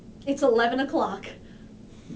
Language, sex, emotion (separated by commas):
English, female, happy